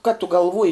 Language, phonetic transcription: Lithuanian, ka tu galˈvuoji

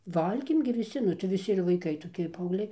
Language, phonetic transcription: Lithuanian, ˈvalgėm gi viˈsi nu tai viˈsi ir vaiˈkai toˈki paaugˈliai

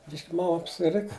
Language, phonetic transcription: Lithuanian, ˈbišk' ˈmam apsiˈrika

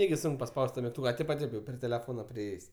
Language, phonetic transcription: Lithuanian, ˈnegi ˈsunk paˈspaus't' ta migˈtūka a ˈteip a ˈteip jau pri teleˈfona priˈėjės'

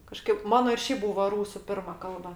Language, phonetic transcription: Lithuanian, kaˈžkaip ˈmano ir ˈšeip ˈbūvo ˈrūsu ˈpirma ˈkalba

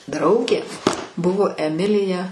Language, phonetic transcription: Lithuanian, ˈdraugė ˈbuvo eˈmilija

